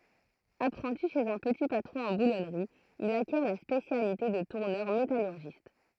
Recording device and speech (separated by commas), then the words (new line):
throat microphone, read sentence
Apprenti chez un petit patron en boulonnerie, il acquiert la spécialité de tourneur métallurgiste.